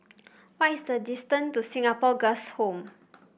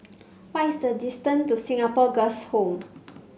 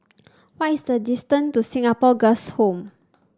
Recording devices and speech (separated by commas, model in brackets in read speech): boundary microphone (BM630), mobile phone (Samsung C5), standing microphone (AKG C214), read sentence